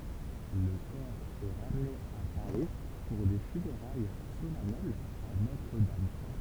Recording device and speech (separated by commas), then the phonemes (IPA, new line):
temple vibration pickup, read sentence
lə kɔʁ ɛ ʁamne a paʁi puʁ de fyneʁaj solɛnɛlz a notʁ dam